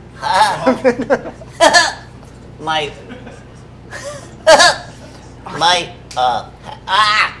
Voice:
nasally voice